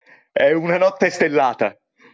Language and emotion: Italian, fearful